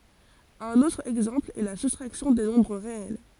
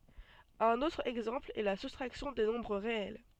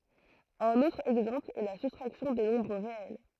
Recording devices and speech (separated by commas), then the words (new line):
forehead accelerometer, soft in-ear microphone, throat microphone, read sentence
Un autre exemple est la soustraction des nombres réels.